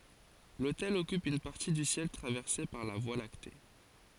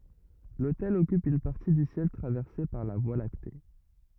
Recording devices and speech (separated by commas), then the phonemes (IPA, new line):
forehead accelerometer, rigid in-ear microphone, read sentence
lotɛl ɔkyp yn paʁti dy sjɛl tʁavɛʁse paʁ la vwa lakte